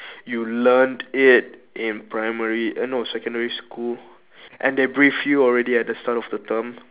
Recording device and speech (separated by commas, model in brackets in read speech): telephone, conversation in separate rooms